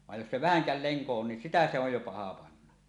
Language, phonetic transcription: Finnish, vaj 'jos se "vähäŋkä̳l 'leŋko on nin "sitä se ‿oj jo 'paha 'panna .
- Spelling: vaan jos se vähänkään lenko on niin sitä se on jo paha panna

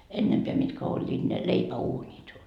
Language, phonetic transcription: Finnish, 'ennempeä mitkä oĺĺiit ne , "leipä₍uuńit .
- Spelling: ennempää mitkä olivat ne leipäuunit

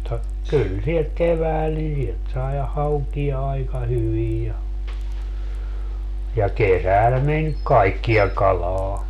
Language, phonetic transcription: Finnish, (mut)ta , 'kyl sihek "kevääl ni sielt sai 'haukia aika 'hyvij ja , ja "kesäl men "kaikkija 'kalaa .
- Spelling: mutta kyllä siihen keväällä niin sieltä sai haukia aika hyvin ja ja kesällä meni kaikkea kalaa

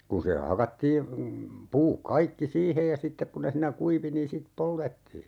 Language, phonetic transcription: Finnish, 'kun̬ se 'hakattii , 'puuk 'kaikki "siihej ja 'sittek ku ne siinä "kuivi niin 'sit "poltettii .
- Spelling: kun se hakattiin puut kaikki siihen ja sitten kun ne siinä kuivui niin sitten poltettiin

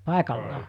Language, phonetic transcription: Finnish, 'pàekallaa .
- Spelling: paikallaan

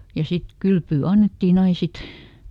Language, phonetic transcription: Finnish, ja ˈsit , "kylpyy ˈannettiiˈn ‿ain̬ ˈsit .
- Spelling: ja sitten kylpyä annettiin aina sitten

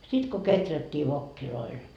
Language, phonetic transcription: Finnish, sit ko 'keträt́t́ii 'vokkiloil .
- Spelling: sitten kun kehrättiin vokeilla

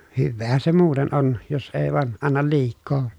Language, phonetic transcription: Finnish, hyvveehän se muuten on , jos èi̮ vàen , annal liik̆koo .
- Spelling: hyväähän se muuten on jos ei vain anna liikaa

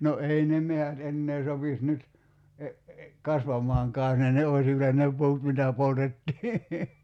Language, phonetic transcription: Finnish, no 'ei "ne mehät 'ennee sopis 'nyt , "kasvam̀aaŋkaa jos ne ne ois (vielä) ne 'pu̬ut mitä 'poltettii .
- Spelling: no ei ne metsät enää sopisi nyt kasvamaankaan jos ne ne olisi vielä ne puut mitä poltettiin

